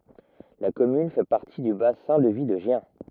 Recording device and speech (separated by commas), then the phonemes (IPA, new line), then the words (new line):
rigid in-ear microphone, read sentence
la kɔmyn fɛ paʁti dy basɛ̃ də vi də ʒjɛ̃
La commune fait partie du bassin de vie de Gien.